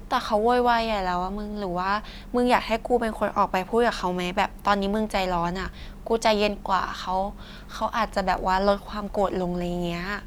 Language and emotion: Thai, neutral